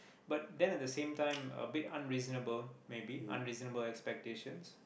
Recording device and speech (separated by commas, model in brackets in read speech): boundary microphone, conversation in the same room